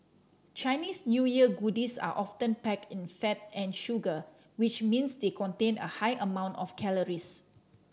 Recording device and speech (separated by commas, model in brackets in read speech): standing microphone (AKG C214), read sentence